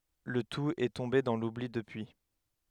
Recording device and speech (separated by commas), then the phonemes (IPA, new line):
headset microphone, read sentence
lə tut ɛ tɔ̃be dɑ̃ lubli dəpyi